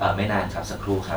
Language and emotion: Thai, neutral